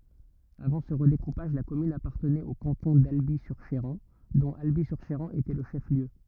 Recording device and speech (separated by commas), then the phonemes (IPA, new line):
rigid in-ear microphone, read sentence
avɑ̃ sə ʁədekupaʒ la kɔmyn apaʁtənɛt o kɑ̃tɔ̃ dalbi syʁ ʃeʁɑ̃ dɔ̃t albi syʁ ʃeʁɑ̃ etɛ lə ʃɛf ljø